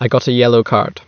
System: none